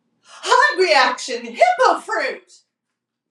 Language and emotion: English, surprised